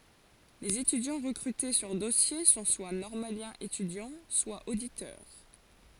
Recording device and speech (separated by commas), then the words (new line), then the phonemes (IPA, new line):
forehead accelerometer, read sentence
Les étudiants recrutés sur dossier sont soit normaliens-étudiants, soit auditeurs.
lez etydjɑ̃ ʁəkʁyte syʁ dɔsje sɔ̃ swa nɔʁmaljɛ̃z etydjɑ̃ swa oditœʁ